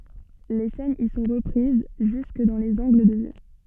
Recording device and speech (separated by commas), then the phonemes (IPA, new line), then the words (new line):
soft in-ear microphone, read sentence
le sɛnz i sɔ̃ ʁəpʁiz ʒysk dɑ̃ lez ɑ̃ɡl də vy
Les scènes y sont reprises jusque dans les angles de vue.